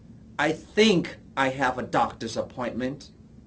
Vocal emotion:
disgusted